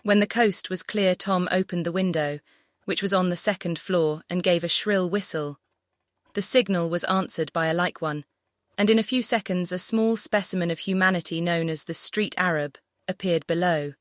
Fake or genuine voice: fake